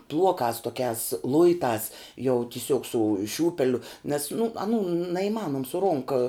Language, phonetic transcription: Lithuanian, ˈbluokās tuoˈkiās ˈluitās jau tiˈsiuog su ˈšiūpeliu nes nu aˈnų naįˈmanom su ˈronka

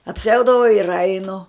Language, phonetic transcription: Lithuanian, apˈsiaudavau ir ˈainu

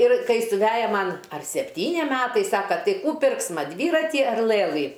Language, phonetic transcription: Lithuanian, ir ˈkai suˈveja ˈman ar sepˈtyni ˈmetai ˈsaka ˈtai ˈkų ˈpirksma ˈdvyrati ar ˈlɘlɨ

